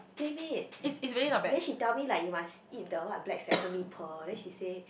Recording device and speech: boundary microphone, conversation in the same room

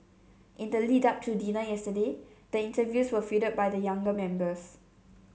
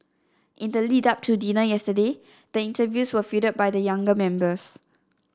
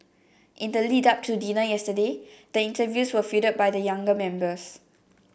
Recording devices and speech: mobile phone (Samsung C7), standing microphone (AKG C214), boundary microphone (BM630), read sentence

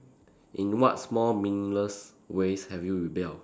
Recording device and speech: standing microphone, conversation in separate rooms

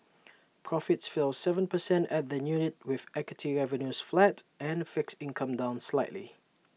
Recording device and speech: mobile phone (iPhone 6), read sentence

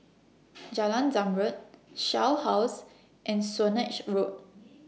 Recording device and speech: mobile phone (iPhone 6), read sentence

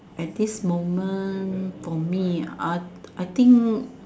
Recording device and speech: standing microphone, conversation in separate rooms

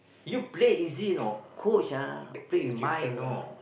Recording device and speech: boundary microphone, conversation in the same room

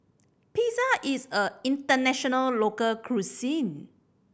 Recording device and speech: boundary microphone (BM630), read sentence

